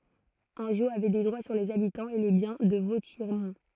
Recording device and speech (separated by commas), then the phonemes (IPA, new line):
throat microphone, read sentence
ɑ̃ʒo avɛ de dʁwa syʁ lez abitɑ̃z e le bjɛ̃ də votjɛʁmɔ̃